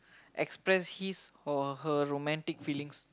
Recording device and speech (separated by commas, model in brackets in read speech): close-talking microphone, conversation in the same room